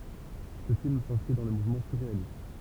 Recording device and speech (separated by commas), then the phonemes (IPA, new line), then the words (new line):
temple vibration pickup, read sentence
sə film sɛ̃skʁi dɑ̃ lə muvmɑ̃ syʁʁealist
Ce film s'inscrit dans le mouvement surréaliste.